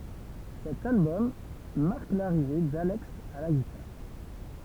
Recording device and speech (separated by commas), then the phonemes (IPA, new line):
temple vibration pickup, read sentence
sɛt albɔm maʁk laʁive dalɛks a la ɡitaʁ